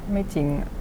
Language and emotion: Thai, sad